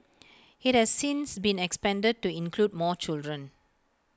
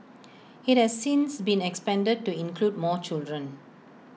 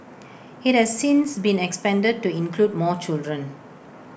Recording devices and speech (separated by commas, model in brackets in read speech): close-talking microphone (WH20), mobile phone (iPhone 6), boundary microphone (BM630), read sentence